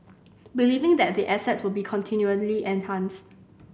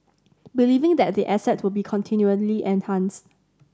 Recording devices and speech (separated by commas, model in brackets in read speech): boundary microphone (BM630), standing microphone (AKG C214), read sentence